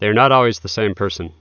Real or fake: real